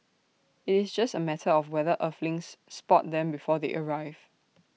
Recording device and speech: mobile phone (iPhone 6), read sentence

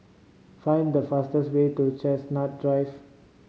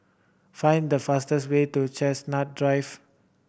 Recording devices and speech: mobile phone (Samsung C5010), boundary microphone (BM630), read sentence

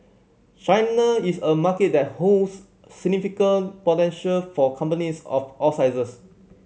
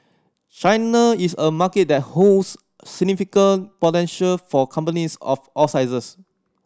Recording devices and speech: mobile phone (Samsung C7100), standing microphone (AKG C214), read sentence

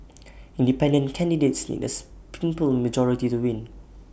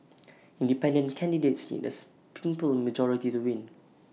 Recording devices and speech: boundary microphone (BM630), mobile phone (iPhone 6), read sentence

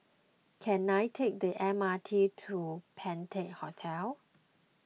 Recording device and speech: mobile phone (iPhone 6), read sentence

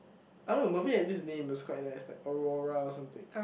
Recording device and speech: boundary microphone, conversation in the same room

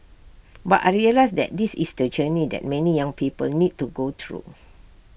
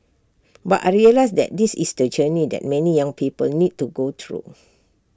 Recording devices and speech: boundary microphone (BM630), standing microphone (AKG C214), read sentence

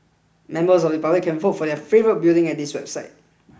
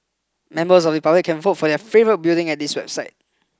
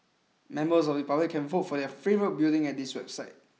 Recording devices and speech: boundary microphone (BM630), close-talking microphone (WH20), mobile phone (iPhone 6), read sentence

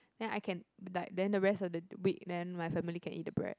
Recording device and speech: close-talking microphone, conversation in the same room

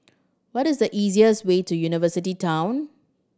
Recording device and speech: standing microphone (AKG C214), read sentence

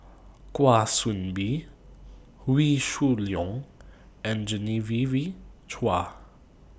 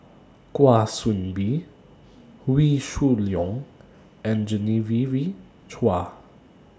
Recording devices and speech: boundary microphone (BM630), standing microphone (AKG C214), read sentence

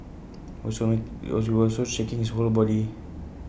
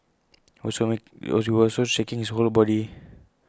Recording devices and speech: boundary microphone (BM630), close-talking microphone (WH20), read sentence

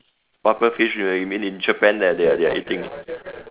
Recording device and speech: telephone, conversation in separate rooms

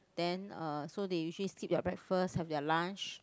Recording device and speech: close-talking microphone, conversation in the same room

